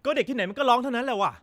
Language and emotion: Thai, angry